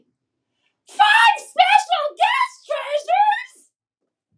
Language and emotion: English, happy